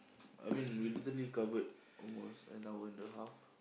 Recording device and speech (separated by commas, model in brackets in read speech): boundary microphone, conversation in the same room